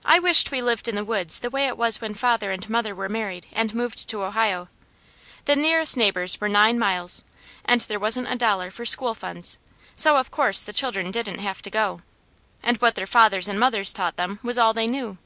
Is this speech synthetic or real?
real